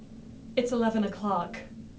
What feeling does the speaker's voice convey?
neutral